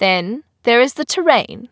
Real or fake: real